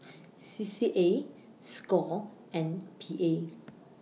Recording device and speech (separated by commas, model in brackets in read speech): mobile phone (iPhone 6), read sentence